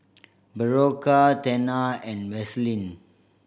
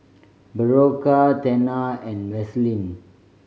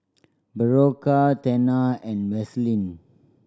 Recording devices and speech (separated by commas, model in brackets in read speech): boundary microphone (BM630), mobile phone (Samsung C5010), standing microphone (AKG C214), read sentence